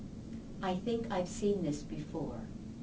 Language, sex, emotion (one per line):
English
female
neutral